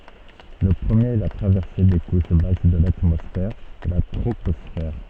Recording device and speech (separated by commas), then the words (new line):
soft in-ear microphone, read sentence
Le premier est la traversée des couches basses de l'atmosphère, la troposphère.